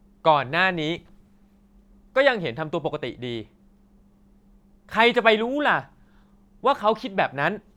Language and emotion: Thai, angry